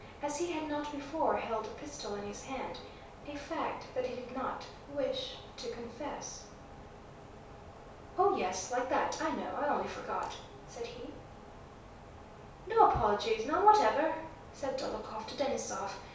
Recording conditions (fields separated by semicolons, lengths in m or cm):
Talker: one person; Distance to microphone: 3.0 m; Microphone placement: far; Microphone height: 1.8 m; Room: small (3.7 m by 2.7 m); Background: none